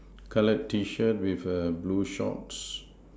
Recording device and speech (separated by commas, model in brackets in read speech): standing microphone, conversation in separate rooms